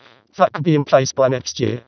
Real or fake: fake